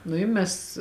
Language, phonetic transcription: Lithuanian, nu i ˈmes

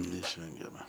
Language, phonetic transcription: Lithuanian, neišˈvengiama

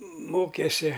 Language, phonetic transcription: Lithuanian, ˈmokesi

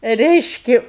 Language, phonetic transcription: Lithuanian, ˈreiški

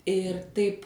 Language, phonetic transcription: Lithuanian, ir ˈtaip

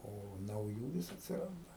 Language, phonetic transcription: Lithuanian, o nauˈjų ˈvis atsiˈranda

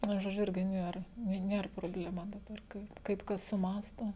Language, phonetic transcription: Lithuanian, ˈnu žoˈdžiu ˈirgi ˈnier ni ˈnier probleˈma daˈbar ˈkai kaip ˈkas suˈmąsto

